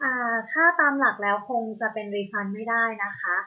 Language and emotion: Thai, neutral